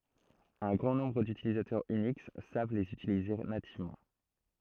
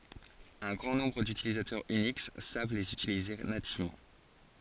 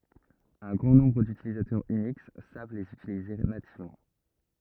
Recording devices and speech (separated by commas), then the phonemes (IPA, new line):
throat microphone, forehead accelerometer, rigid in-ear microphone, read sentence
œ̃ ɡʁɑ̃ nɔ̃bʁ dytilitɛʁz yniks sav lez ytilize nativmɑ̃